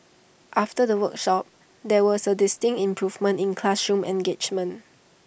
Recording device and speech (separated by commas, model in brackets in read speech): boundary microphone (BM630), read sentence